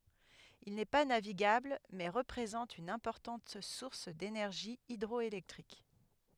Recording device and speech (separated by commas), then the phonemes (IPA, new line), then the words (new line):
headset microphone, read sentence
il nɛ pa naviɡabl mɛ ʁəpʁezɑ̃t yn ɛ̃pɔʁtɑ̃t suʁs denɛʁʒi idʁɔelɛktʁik
Il n'est pas navigable mais représente une importante source d'énergie hydroélectrique.